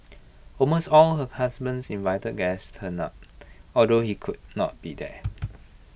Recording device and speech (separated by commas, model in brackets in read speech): boundary microphone (BM630), read sentence